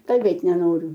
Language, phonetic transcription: Lithuanian, kalˈbėt' neˈnoriu

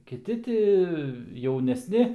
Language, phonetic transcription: Lithuanian, kiˈti ˈti jaunesˈni

